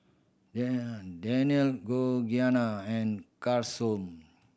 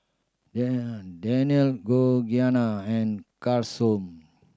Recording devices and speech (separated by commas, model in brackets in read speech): boundary microphone (BM630), standing microphone (AKG C214), read sentence